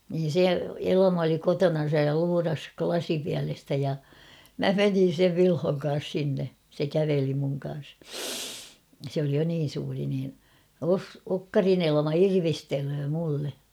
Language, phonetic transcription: Finnish, niin "se 'Elama oli "kotonan̬saj ja 'luuras "klasipiälestä ja , "mä 'menin̬ sev 'Vilhoŋ kaas sinne , se 'käveli muŋ ka̰a̰s sᵉ ‿oli jo niin̬ suuri niin , » Os- 'Okkarin ‿''Elᵃma 'irvistelöö mulle « .
- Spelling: niin se Elma oli kotonansa ja luurasi lasipielestä ja minä menin sen Vilhon kanssa sinne se käveli minun kanssa se oli jo niin suuri niin - Okkarin Elma irvistelee minulle

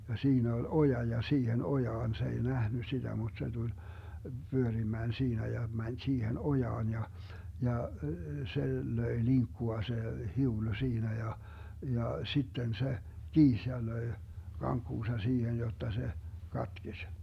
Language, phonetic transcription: Finnish, ja 'siinä ol "oja ja 'siihen 'ojaan se 'ei 'nähny 'siDä muD se 'Dul , 'Byörimään 'siinä ja 'mäń 'siihen "ojaan ja , 'ja , 'se 'löi 'liŋkkua 'se , 'hiulu 'siinä ja , ja 'sitten se , "kiis ja 'löi̮ , 'kaŋkkuusa 'siihen 'jotta 'se , 'katkeś .
- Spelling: ja siinä oli oja ja siihen ojaan se ei nähnyt sitä mutta se tuli pyörimään siinä ja meni siihen ojaan ja ja se löi linkkua se hiulu siinä ja ja sitten se kiisi ja löi kankkunsa siihen jotta se katkesi

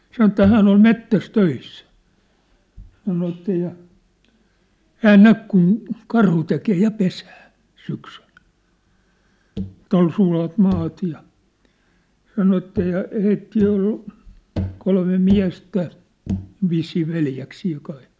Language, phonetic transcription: Finnish, 'sanŏ ĕttä 'hään ‿ol 'mettäs 'töissä , sano että ja , "hään "näk kun , 'karhu tekee 'ja 'pesää , syksyʟ , ᵉt̀ ‿ol sulat maat ja , 'sano että ja , 'heittii ol , kolme 'miä̭stä , vissii 'veljäksii kai .
- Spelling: sanoi että hän oli metsässä töissä sanoi että ja hän näki kun karhu tekee ja pesää syksyllä että oli sulat maat ja sanoi että ja heitä oli kolme miestä vissiin veljeksiä kai

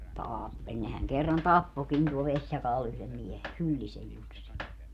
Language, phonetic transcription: Finnish, 'taappeĺ nehäŋ kerran "tappokin tuol 'Veśjakaal yhlem 'miehe , 'Hyllisej 'Jussi .
- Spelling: tappeli nehän kerran tappoikin tuolla Vesijakaalla yhden miehen Hyllisen Jussin

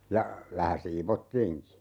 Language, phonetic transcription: Finnish, ja , 'vähä "siivottiiŋki .
- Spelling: ja vähän siivottiinkin

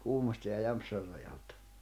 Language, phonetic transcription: Finnish, 'Kuhmos̀te ja 'Jämpsär rajaltᴀ .
- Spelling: Kuhmoisten ja Jämsän rajalta

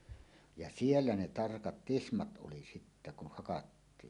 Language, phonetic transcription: Finnish, ja "siellä ne "tarkat "tismat ’oli sittä kuh 'hakattiin .
- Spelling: ja siellä ne tarkat tismat oli sitten kun hakattiin

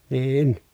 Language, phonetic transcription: Finnish, nii₍in .
- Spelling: niin

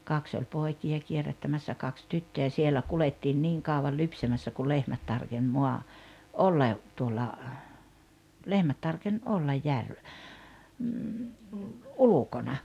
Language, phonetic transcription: Finnish, 'kaks ‿oĺ 'pòiki₍a kierättämässä 'kaks 'tyttöjä 'sielä 'kulettiin 'niiŋ 'kàuval "lypsämässä ku "lehmät 'tarkeń 'moa- , "olla , tuola , 'lehmät tarken '’ollaj 'järv- , "ulukona .
- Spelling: kaksi oli poikia kierrättämässä kaksi tyttöjä siellä kuljettiin niin kauan lypsämässä kun lehmät tarkeni - olla tuolla lehmät tarkeni olla - ulkona

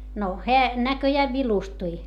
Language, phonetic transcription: Finnish, no heä , näköjääv vilustui .
- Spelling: no hän näköjään vilustui

